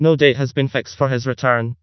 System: TTS, vocoder